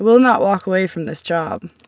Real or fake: real